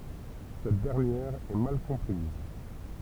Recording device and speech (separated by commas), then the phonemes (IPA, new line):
temple vibration pickup, read sentence
sɛt dɛʁnjɛʁ ɛ mal kɔ̃pʁiz